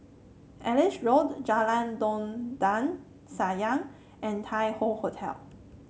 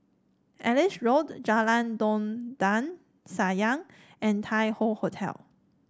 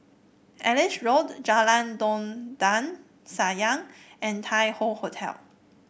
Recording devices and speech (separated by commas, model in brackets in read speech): mobile phone (Samsung C7), standing microphone (AKG C214), boundary microphone (BM630), read sentence